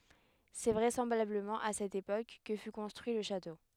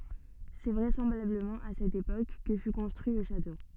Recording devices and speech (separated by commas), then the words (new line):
headset microphone, soft in-ear microphone, read sentence
C'est vraisemblablement à cette époque que fut construit le château.